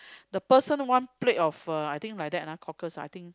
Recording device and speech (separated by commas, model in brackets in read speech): close-talking microphone, conversation in the same room